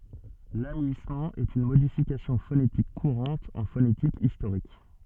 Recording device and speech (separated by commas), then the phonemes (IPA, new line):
soft in-ear microphone, read sentence
lamyismɑ̃ ɛt yn modifikasjɔ̃ fonetik kuʁɑ̃t ɑ̃ fonetik istoʁik